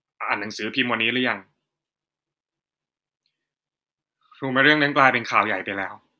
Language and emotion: Thai, frustrated